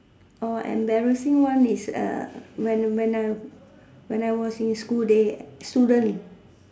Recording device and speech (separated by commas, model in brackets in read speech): standing microphone, conversation in separate rooms